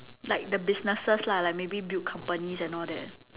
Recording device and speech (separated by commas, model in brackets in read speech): telephone, conversation in separate rooms